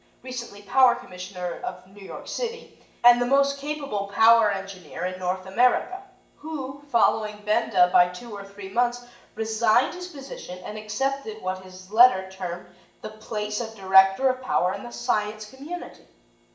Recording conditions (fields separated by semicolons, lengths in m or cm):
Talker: one person; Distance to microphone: 1.8 m; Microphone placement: close; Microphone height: 1.0 m; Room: large; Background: none